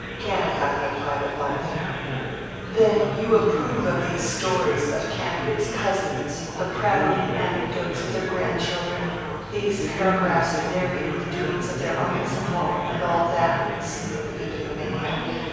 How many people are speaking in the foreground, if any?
One person.